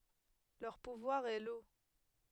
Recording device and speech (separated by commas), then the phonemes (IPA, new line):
headset microphone, read sentence
lœʁ puvwaʁ ɛ lo